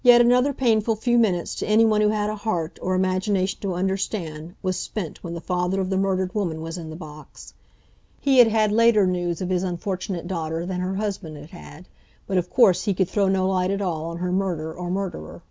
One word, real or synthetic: real